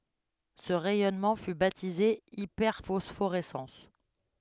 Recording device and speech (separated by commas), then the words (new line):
headset microphone, read sentence
Ce rayonnement fut baptisé hyperphosphorescence.